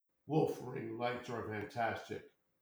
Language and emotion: English, disgusted